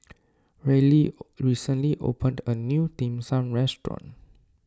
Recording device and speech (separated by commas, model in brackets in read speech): standing microphone (AKG C214), read sentence